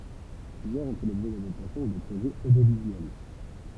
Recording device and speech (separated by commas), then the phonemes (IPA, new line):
temple vibration pickup, read sentence
plyzjœʁz ɔ̃ fɛ lɔbʒɛ dadaptasjɔ̃ u də pʁoʒɛz odjovizyɛl